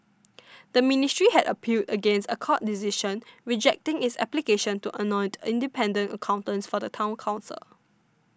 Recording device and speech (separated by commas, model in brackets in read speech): standing microphone (AKG C214), read sentence